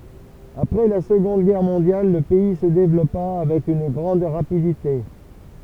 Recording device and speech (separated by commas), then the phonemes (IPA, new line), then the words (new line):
temple vibration pickup, read sentence
apʁɛ la səɡɔ̃d ɡɛʁ mɔ̃djal lə pɛi sə devlɔpa avɛk yn ɡʁɑ̃d ʁapidite
Après la Seconde Guerre mondiale le pays se développa avec une grande rapidité.